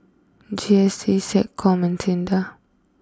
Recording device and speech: close-talking microphone (WH20), read sentence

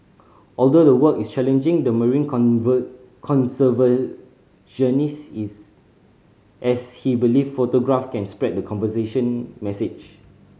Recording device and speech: mobile phone (Samsung C5010), read sentence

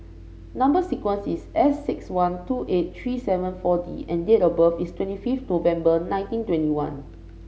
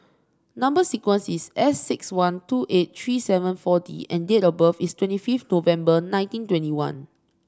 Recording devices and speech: mobile phone (Samsung C5), standing microphone (AKG C214), read sentence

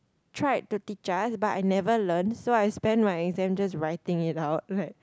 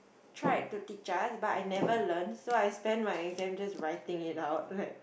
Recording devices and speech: close-talking microphone, boundary microphone, conversation in the same room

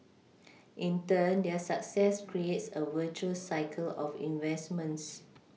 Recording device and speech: mobile phone (iPhone 6), read sentence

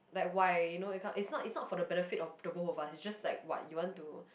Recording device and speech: boundary microphone, conversation in the same room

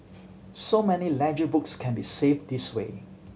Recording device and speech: mobile phone (Samsung C7100), read sentence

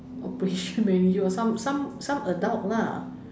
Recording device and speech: standing microphone, conversation in separate rooms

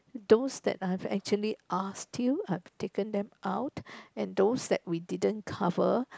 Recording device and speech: close-talking microphone, conversation in the same room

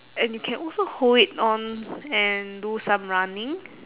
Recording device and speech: telephone, conversation in separate rooms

